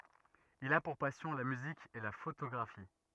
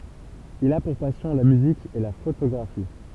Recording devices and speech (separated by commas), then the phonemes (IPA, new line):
rigid in-ear microphone, temple vibration pickup, read sentence
il a puʁ pasjɔ̃ la myzik e la fotoɡʁafi